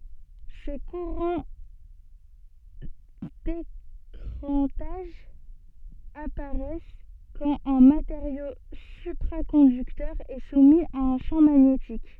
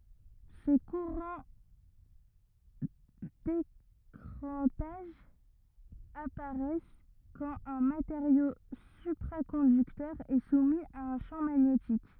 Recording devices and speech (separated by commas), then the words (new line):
soft in-ear microphone, rigid in-ear microphone, read sentence
Ces courants d'écrantage apparaissent quand un matériau supraconducteur est soumis à un champ magnétique.